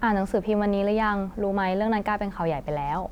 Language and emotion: Thai, neutral